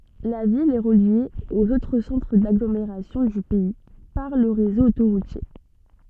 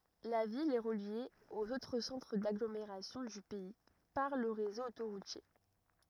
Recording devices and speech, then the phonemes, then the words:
soft in-ear microphone, rigid in-ear microphone, read sentence
la vil ɛ ʁəlje oz otʁ sɑ̃tʁ daɡlomeʁasjɔ̃ dy pɛi paʁ lə ʁezo otoʁutje
La ville est reliée aux autres centres d'agglomération du pays par le réseau autoroutier.

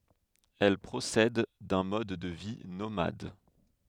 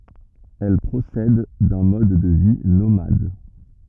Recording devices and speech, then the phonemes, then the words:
headset microphone, rigid in-ear microphone, read sentence
ɛl pʁosɛd dœ̃ mɔd də vi nomad
Elles procèdent d'un mode de vie nomade.

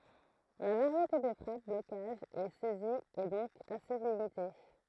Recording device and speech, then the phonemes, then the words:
throat microphone, read sentence
la vaʁjete de fʁap blokaʒz e sɛziz ɛ dɔ̃k ase limite
La variété des frappes, blocages et saisies est donc assez limitée.

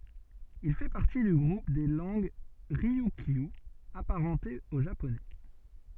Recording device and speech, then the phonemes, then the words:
soft in-ear microphone, read sentence
il fɛ paʁti dy ɡʁup de lɑ̃ɡ ʁiykjy apaʁɑ̃tez o ʒaponɛ
Il fait partie du groupe des langues ryukyu, apparentées au japonais.

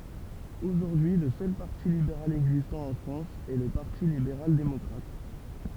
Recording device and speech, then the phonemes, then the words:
temple vibration pickup, read sentence
oʒuʁdyi lə sœl paʁti libeʁal ɛɡzistɑ̃ ɑ̃ fʁɑ̃s ɛ lə paʁti libeʁal demɔkʁat
Aujourd'hui le seul parti libéral existant en France est le Parti libéral démocrate.

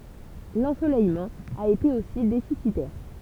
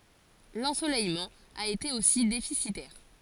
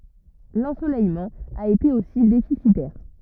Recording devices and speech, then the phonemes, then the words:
temple vibration pickup, forehead accelerometer, rigid in-ear microphone, read sentence
lɑ̃solɛjmɑ̃ a ete osi defisitɛʁ
L'ensoleillement a été aussi déficitaire.

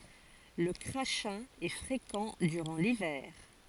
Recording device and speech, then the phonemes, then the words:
forehead accelerometer, read sentence
lə kʁaʃɛ̃ ɛ fʁekɑ̃ dyʁɑ̃ livɛʁ
Le crachin est fréquent durant l'hiver.

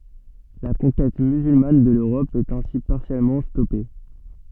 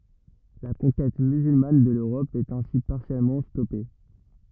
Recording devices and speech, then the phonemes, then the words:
soft in-ear microphone, rigid in-ear microphone, read sentence
la kɔ̃kɛt myzylman də løʁɔp ɛt ɛ̃si paʁsjɛlmɑ̃ stɔpe
La conquête musulmane de l'Europe est ainsi partiellement stoppée.

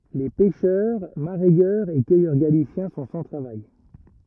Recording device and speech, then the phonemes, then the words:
rigid in-ear microphone, read sentence
le pɛʃœʁ maʁɛjœʁz e kœjœʁ ɡalisjɛ̃ sɔ̃ sɑ̃ tʁavaj
Les pêcheurs, mareyeurs et cueilleurs galiciens sont sans travail.

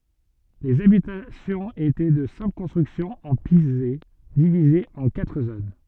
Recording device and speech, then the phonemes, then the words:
soft in-ear microphone, read sentence
lez abitasjɔ̃z etɛ də sɛ̃pl kɔ̃stʁyksjɔ̃z ɑ̃ pize divizez ɑ̃ katʁ zon
Les habitations étaient de simples constructions en pisé, divisées en quatre zones.

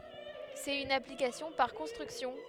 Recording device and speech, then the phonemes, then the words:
headset microphone, read sentence
sɛt yn aplikasjɔ̃ paʁ kɔ̃stʁyksjɔ̃
C'est une application par construction.

